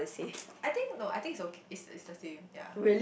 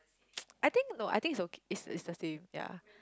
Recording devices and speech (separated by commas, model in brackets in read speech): boundary microphone, close-talking microphone, conversation in the same room